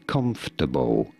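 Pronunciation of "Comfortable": In 'comfortable', the middle syllable is silent: the 'or' in the middle is not pronounced.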